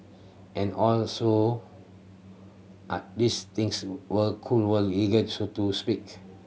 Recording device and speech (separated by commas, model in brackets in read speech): mobile phone (Samsung C7100), read sentence